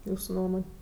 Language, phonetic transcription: Lithuanian, ˈjūsu ˈnuomon'

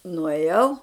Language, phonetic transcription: Lithuanian, nuėˈjau

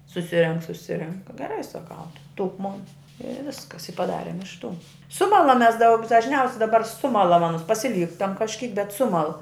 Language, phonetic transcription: Lithuanian, suˈsirenk suˈsirenk geˈrai saˈkau ˈduk ˈmon i ˈviskas i paˈdarėm iš tų ˈsumalam ˈmes ˈdaug dažˈniaus' daˈbar ˈsumalam aˈnus pasiˈlyktam kažˈkyk bet ˈsumal

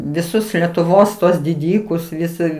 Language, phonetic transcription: Lithuanian, viˈsus letuˈvos tuos diˈdykus viˈsi

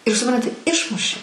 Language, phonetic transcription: Lithuanian, ir suˈpranti ˈišmuši

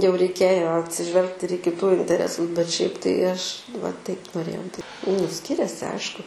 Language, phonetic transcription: Lithuanian, jau reiˈkėjo atsiˈžvelgt ir į kiˈtų inteˈresus bet šiaip tai ˈaš va ˈtaip noˈrėjau di nu ˈskiriasi ˈaišku

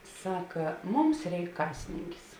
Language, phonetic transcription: Lithuanian, ˈsaka ˈmums ˈreik ˈkasininkis

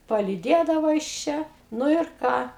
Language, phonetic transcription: Lithuanian, palyˈdėdavo jis ˈčia ˈnu ir ˈką

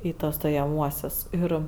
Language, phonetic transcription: Lithuanian, ˈį ˈtuos stojaˈmuosius ˈir

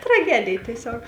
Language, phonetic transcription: Lithuanian, traˈgedėj tieˈsiog

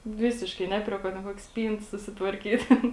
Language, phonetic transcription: Lithuanian, ˈvisiškai ˈne prie ˌkuo ten ˈkuokė ˈspynt susitvarˈkyt' ˈten

